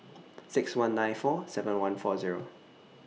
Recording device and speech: mobile phone (iPhone 6), read sentence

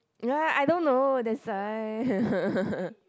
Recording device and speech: close-talking microphone, conversation in the same room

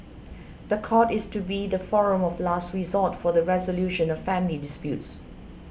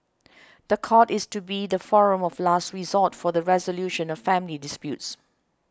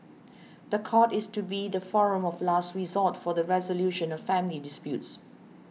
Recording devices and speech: boundary microphone (BM630), close-talking microphone (WH20), mobile phone (iPhone 6), read sentence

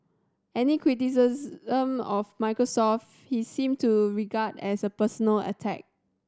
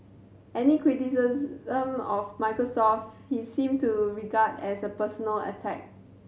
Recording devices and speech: standing microphone (AKG C214), mobile phone (Samsung C7100), read sentence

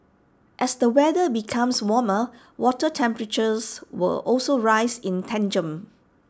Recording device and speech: standing microphone (AKG C214), read sentence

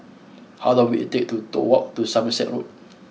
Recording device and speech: mobile phone (iPhone 6), read sentence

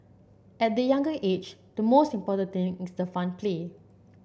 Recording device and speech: boundary microphone (BM630), read sentence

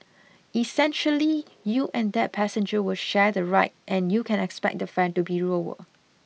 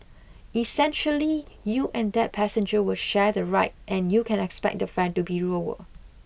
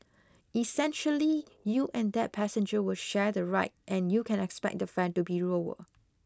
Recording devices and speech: mobile phone (iPhone 6), boundary microphone (BM630), close-talking microphone (WH20), read sentence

